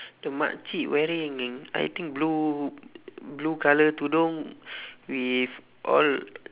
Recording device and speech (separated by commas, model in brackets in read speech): telephone, conversation in separate rooms